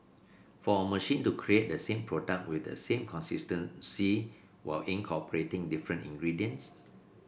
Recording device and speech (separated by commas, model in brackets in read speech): boundary microphone (BM630), read sentence